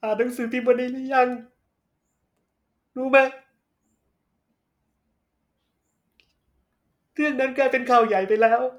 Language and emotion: Thai, sad